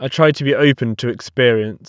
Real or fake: real